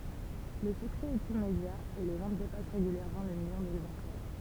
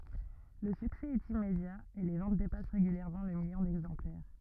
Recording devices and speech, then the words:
temple vibration pickup, rigid in-ear microphone, read sentence
Le succès est immédiat et les ventes dépassent régulièrement le million d'exemplaires.

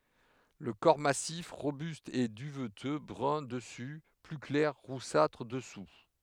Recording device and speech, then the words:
headset microphone, read sentence
Le corps massif, robuste, est duveteux, brun dessus, plus clair, roussâtre, dessous.

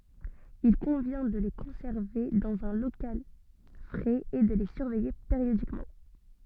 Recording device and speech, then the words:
soft in-ear microphone, read sentence
Il convient de les conserver dans un local frais et de les surveiller périodiquement.

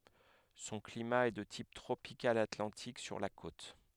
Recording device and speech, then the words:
headset microphone, read sentence
Son climat est de type tropical atlantique sur la côte.

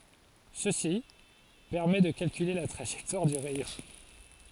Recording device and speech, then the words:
forehead accelerometer, read sentence
Ceci permet de calculer la trajectoire du rayon.

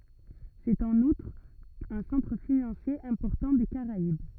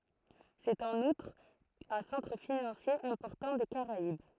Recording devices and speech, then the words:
rigid in-ear microphone, throat microphone, read sentence
C'est en outre un centre financier important des Caraïbes.

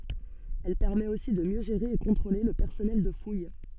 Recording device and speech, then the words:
soft in-ear microphone, read sentence
Elle permet aussi de mieux gérer et contrôler le personnel de fouille.

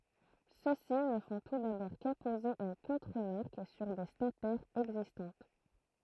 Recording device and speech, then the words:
throat microphone, read sentence
Ceux-ci ne font tout d’abord qu’apposer une contremarque sur des statères existantes.

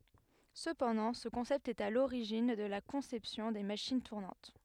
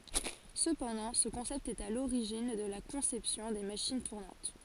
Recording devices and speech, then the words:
headset microphone, forehead accelerometer, read sentence
Cependant ce concept est à l'origine de la conception des machines tournantes.

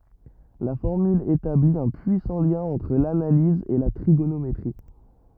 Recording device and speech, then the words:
rigid in-ear microphone, read sentence
La formule établit un puissant lien entre l'analyse et la trigonométrie.

